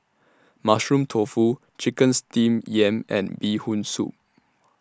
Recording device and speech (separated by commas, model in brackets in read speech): standing microphone (AKG C214), read sentence